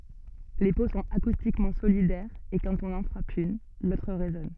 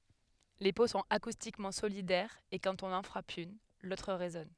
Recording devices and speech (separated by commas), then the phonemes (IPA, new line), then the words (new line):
soft in-ear microphone, headset microphone, read sentence
le po sɔ̃t akustikmɑ̃ solidɛʁz e kɑ̃t ɔ̃n ɑ̃ fʁap yn lotʁ ʁezɔn
Les peaux sont acoustiquement solidaires et quand on en frappe une, l'autre résonne.